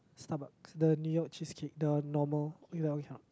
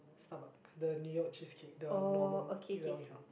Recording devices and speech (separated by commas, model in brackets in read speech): close-talking microphone, boundary microphone, conversation in the same room